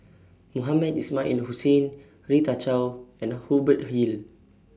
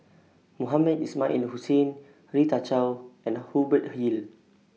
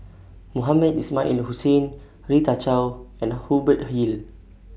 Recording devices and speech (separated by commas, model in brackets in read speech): standing microphone (AKG C214), mobile phone (iPhone 6), boundary microphone (BM630), read sentence